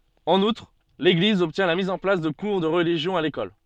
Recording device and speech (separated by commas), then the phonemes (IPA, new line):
soft in-ear microphone, read sentence
ɑ̃n utʁ leɡliz ɔbtjɛ̃ la miz ɑ̃ plas də kuʁ də ʁəliʒjɔ̃ a lekɔl